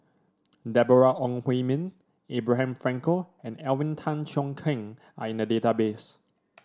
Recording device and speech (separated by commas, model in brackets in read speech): standing microphone (AKG C214), read sentence